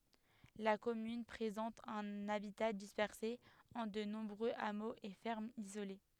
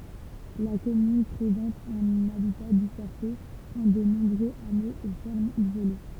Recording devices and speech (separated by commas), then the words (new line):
headset microphone, temple vibration pickup, read sentence
La commune présente un habitat dispersé en de nombreux hameaux et fermes isolées.